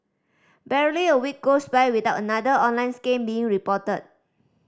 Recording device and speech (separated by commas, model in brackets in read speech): standing microphone (AKG C214), read sentence